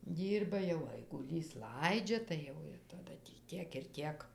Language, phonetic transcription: Lithuanian, ˈdyrba jau aiguˈlys ˈlaidžia tai ˈjau ir taˈda tį ˈtiek ir ˈtiek

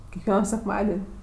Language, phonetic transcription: Lithuanian, kekˈvieno sekˈmaden'

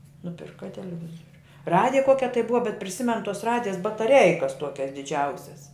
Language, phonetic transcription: Lithuanian, nuˈpirka teleˈvizoriu ˈradija ˈkuokia tai ˈbuva bet priˈsimen tuos ˈradijas bataˈreikas ˈtuokias diˈdžiausias

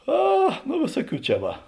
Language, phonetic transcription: Lithuanian, ˈa nu ˈvėsuoˌkių ˈčia ˈva

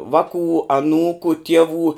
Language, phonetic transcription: Lithuanian, ˈvakų aˈnūku ˈtievų

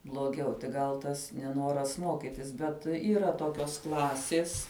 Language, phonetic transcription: Lithuanian, bloˈgiau tik ˈgal ˈtas neˈnoras ˈmokitis ˈbet yˈra ˈtokios ˈklasės

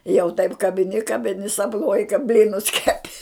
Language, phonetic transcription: Lithuanian, jau taip kabiˈni kabiˈni sapˈnuoji ka ˈblynus ˈkeˈpi

